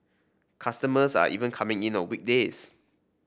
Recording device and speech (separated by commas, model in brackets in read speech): boundary microphone (BM630), read sentence